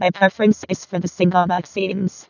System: VC, vocoder